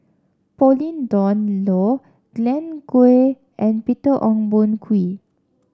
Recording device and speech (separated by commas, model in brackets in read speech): standing microphone (AKG C214), read sentence